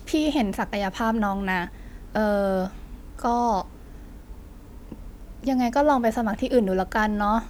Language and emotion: Thai, frustrated